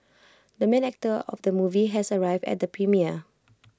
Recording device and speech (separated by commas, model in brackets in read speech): close-talking microphone (WH20), read sentence